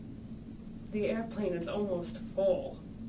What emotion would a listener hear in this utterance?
disgusted